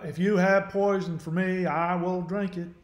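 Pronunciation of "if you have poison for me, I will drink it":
The line is said in an exaggerated Southern American accent that sounds like something out of a country song.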